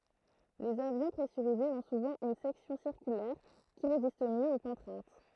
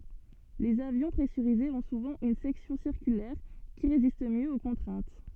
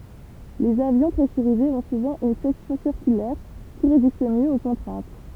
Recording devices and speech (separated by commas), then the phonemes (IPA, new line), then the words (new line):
throat microphone, soft in-ear microphone, temple vibration pickup, read sentence
lez avjɔ̃ pʁɛsyʁizez ɔ̃ suvɑ̃ yn sɛksjɔ̃ siʁkylɛʁ ki ʁezist mjø o kɔ̃tʁɛ̃t
Les avions pressurisés ont souvent une section circulaire qui résiste mieux aux contraintes.